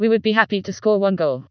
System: TTS, vocoder